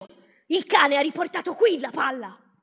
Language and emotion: Italian, angry